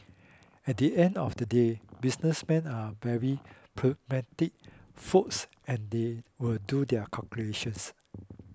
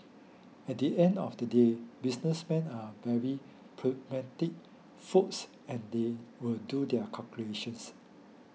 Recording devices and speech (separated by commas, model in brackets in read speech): close-talking microphone (WH20), mobile phone (iPhone 6), read sentence